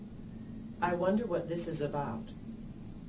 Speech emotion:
neutral